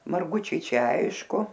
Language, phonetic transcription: Lithuanian, marˈgučiai ˈčia ˈaišku

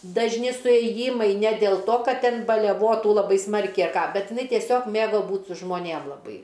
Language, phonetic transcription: Lithuanian, dažˈni suėˈjymai ne dėl to ˈkad ˈten neˈbuo ˈtų laˈbai ˈsmarkiai a ˈką ˈbet iˈnai tieˈsiog ˈmėgo ˈbūt su žmoˈnėm laˈbai

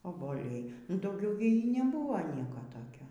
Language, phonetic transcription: Lithuanian, oboˈliai nu dauˈgiau gi neˈbūva ˈnieko toˈkio

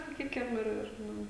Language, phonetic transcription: Lithuanian, saˈkykim ˈir ˈir ˈnu

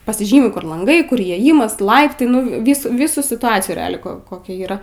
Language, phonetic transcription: Lithuanian, pasiˈžymi ˈkur lanˈgai ˈkur įėˈjimas ˈlaiptai ˈnu ˈvys ˈvysų situˈacijų reˈaliai ˈko koˈkia yˈra

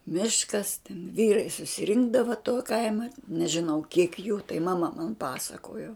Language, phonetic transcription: Lithuanian, ˈmiškas ten ˈvyrai susiˈrinkdava tuo ˈkaima nežiˈnau kiek jų tai maˈma man ˈpasakojo

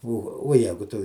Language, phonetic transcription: Lithuanian, o o ˈjegu ˈtu

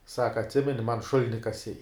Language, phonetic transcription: Lithuanian, ˈsaka atˈsimeni man ˈšulini kaˈsei

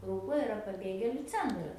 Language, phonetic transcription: Lithuanian, ˈrukloj iˈra paˈbėgėliu ˈcentras

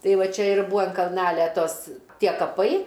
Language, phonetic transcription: Lithuanian, ˈtai ˈva ˈčia ir ˈbua an kalˈnalia ˈtos ˈtie kaˈpai

